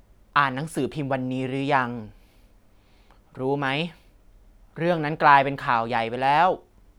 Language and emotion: Thai, frustrated